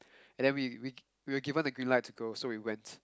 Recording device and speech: close-talking microphone, conversation in the same room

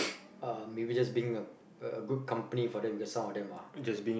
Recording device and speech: boundary microphone, conversation in the same room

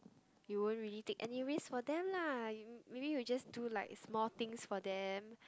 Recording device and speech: close-talking microphone, conversation in the same room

